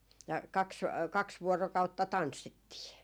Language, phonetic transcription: Finnish, ja 'kaks , 'kaks 'vuorokautta "tanssittii .
- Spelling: ja kaksi kaksi vuorokautta tanssittiin

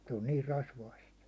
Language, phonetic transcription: Finnish, se on 'niir 'rasvaist .
- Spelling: se on niin rasvaista

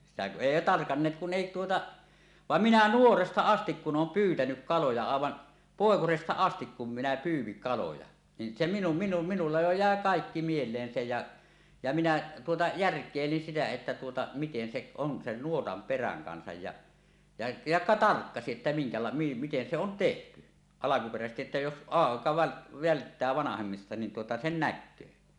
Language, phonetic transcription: Finnish, sitä ku "ˀèi "tarkanneet kun 'èi 'tuota , "vam "minä "nuoresta 'astik kun ˀoom pyytänyk 'kaloja àevan , "pòekosesta 'astik kum minä 'pyyw̆viŋ kaloja , nin se minu- minu- minulla jo jä̀e "kàekki 'miel̀een se ja , ja minä tuota , "järk̀èilin sitä että tuota , 'miten 'seˀ , on sen 'nuotam "peräŋ 'kansaj ja , ja ja "tarkkasiˀ 'ˀettä 'miŋkala- , 'miten se on "tehty , 'alakuperäsestiˀ ˀettä jos 'ˀàeka väl- , 'välttää 'vanahemmista nin tuota 'sen "näkköö .
- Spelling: sitä kun ei tarkanneet kun ei tuota vaan minä nuoresta asti kun olen pyytänyt kaloja aivan poikasesta asti kun minä pyysin kaloja niin se - - minulla jo jäi kaikki mieleen se ja ja minä tuota järkeilin sitä että tuota miten se on sen nuotan perän kanssa ja ja ja tarkkasin että minkälainen miten se on tehty alkuperäisesti että jos aika - välttää vanhemmista niin tuota sen näkee

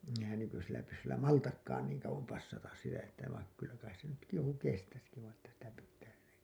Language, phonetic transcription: Finnish, eᴵ hän nykysillä pyssyllä "maltakkaan niiŋ kauwom 'passatas sitä että vaik kyllä kais se nytki joku 'kestäski vain̬ ‿että sitä pittää yrit[tää] .
- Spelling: eihän - nykyisillä pyssyllä maltakaan niin kauan passata sitä että vaikka kyllä kai se nytkin joku kestäisikin vain että sitä pitää yrittää

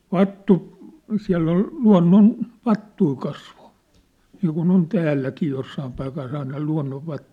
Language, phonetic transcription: Finnish, vattu- , 'siä̭ll ‿ol , 'lua̭nnon- , "-vattui 'kasvo , niikun ‿on 'täälläkii 'jossaam paikas 'aina 'lua̭nnovvattᴜʿᴵʾ .
- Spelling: - siellä oli - luonnonvattuja kasvoi niin kuin on täälläkin jossakin paikassa aina luonnonvattuja

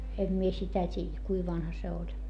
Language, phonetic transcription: Finnish, em mie sitä t́iijä , kui vanha se oĺ .
- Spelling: en minä sitä tiedä kuinka vanha se oli

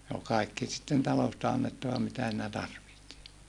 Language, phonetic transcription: Finnish, ne ol kàikki sitten talosta annettava mitä siinä tarvihti .
- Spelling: ne oli kaikki sitten talosta annettava mitä siinä tarvitsi

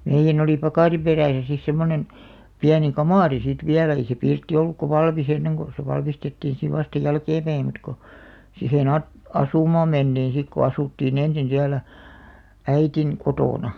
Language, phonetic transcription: Finnish, meijjän ‿oli 'pakàri 'perä̀sä sis semmonen , 'piäni "kamàri sit "viälᵃ̈ ei se 'pirtti ollukka "valmis ‿enneŋ ko se 'valmistettiiḭ siv vasta 'jälkeempäi mut ko , 'sihen a- , "asùmaam 'menᴅiin̬§ sik ko asùttii'n ‿ensin siälä , "äitin , "kotòna .
- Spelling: meidän oli pakarin perässä sitten semmoinen pieni kamari sitten vielä ei se pirtti ollutkaan valmis ennen kun se valmistettiin sitten vasta jälkeenpäin mutta kun siihen - asumaan mentiin sitten kun asuttiin ensin siellä äidin kotona

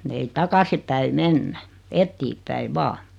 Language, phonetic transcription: Finnish, ei "takasi päi "mennä , 'ettiip̆päi "vaa .
- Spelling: ei takaisin päin mennä eteenpäin vain

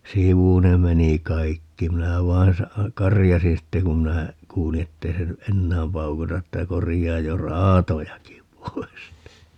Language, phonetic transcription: Finnish, "sivu ne 'meni "kaikki - 'minä 'vain 'sa- , "karijasin 'sitte kum minä , 'kuuli ettei 'se ny "ʼennääm 'paukuta että » 'korijaaj jo "raatojaki 'pois » !
- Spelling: sivu ne meni kaikki minä vain - karjaisin sitten kun minä kuulin että ei se nyt enää paukuta että korjaa jo raatojakin pois

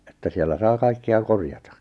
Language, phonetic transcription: Finnish, että 'siellä saa 'kaikke₍a 'korjata .
- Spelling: että siellä saa kaikkea korjata

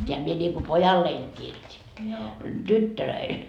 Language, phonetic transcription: Finnish, teäm mie ńiŋku "pojalleiŋ kirjot́i , 'tyttölöil .
- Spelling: tämän minä niin kuin pojalleni kirjoitin tytöille

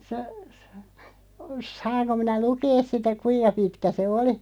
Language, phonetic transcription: Finnish, se (sa-) , 'saaŋko minä "lukees 'sitä "kuij̆ja 'pitkä 'se "oli ?
- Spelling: se - saanko minä lukea sitä kuinka pitkä se oli

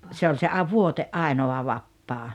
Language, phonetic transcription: Finnish, se oĺ se a- "vuote’ "’ainoa 'vappaa .
- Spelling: se oli se - vuoden ainoa vapaa

